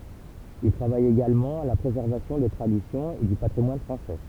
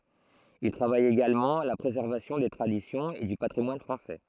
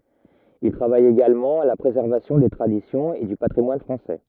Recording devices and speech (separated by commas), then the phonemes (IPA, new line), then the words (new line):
temple vibration pickup, throat microphone, rigid in-ear microphone, read sentence
il tʁavaj eɡalmɑ̃ a la pʁezɛʁvasjɔ̃ de tʁadisjɔ̃z e dy patʁimwan fʁɑ̃sɛ
Il travaille également à la préservation des traditions et du patrimoine français.